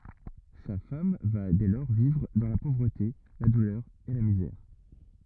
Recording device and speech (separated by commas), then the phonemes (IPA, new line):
rigid in-ear microphone, read sentence
sa fam va dɛ lɔʁ vivʁ dɑ̃ la povʁəte la dulœʁ e la mizɛʁ